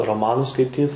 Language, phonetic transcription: Lithuanian, roˈmanus skaiˈtyt

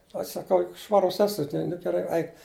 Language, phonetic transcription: Lithuanian, aš saˈkau juk ˈšvarus ˈesu tin nu geˈrai ˈaik

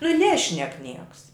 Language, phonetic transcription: Lithuanian, nu ˈnešnek ˈnieks

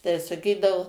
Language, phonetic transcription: Lithuanian, tai saˈkydavu

